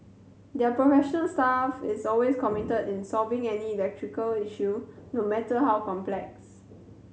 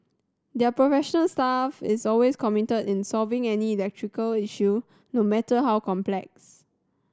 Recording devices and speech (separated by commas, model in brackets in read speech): mobile phone (Samsung C7100), standing microphone (AKG C214), read sentence